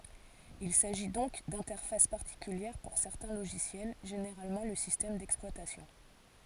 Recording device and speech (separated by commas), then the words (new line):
forehead accelerometer, read sentence
Il s'agit donc d'interfaces particulières pour certains logiciels, généralement le système d'exploitation.